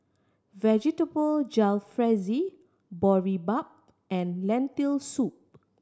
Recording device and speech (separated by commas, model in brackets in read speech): standing microphone (AKG C214), read sentence